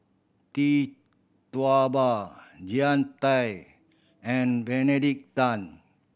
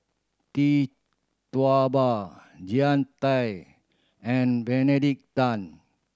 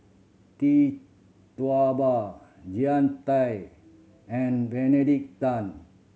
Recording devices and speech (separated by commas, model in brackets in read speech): boundary microphone (BM630), standing microphone (AKG C214), mobile phone (Samsung C7100), read sentence